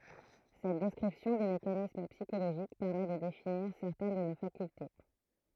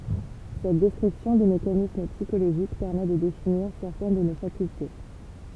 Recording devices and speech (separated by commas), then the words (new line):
throat microphone, temple vibration pickup, read sentence
Cette description des mécanismes psychologiques permet de définir certaines de nos facultés.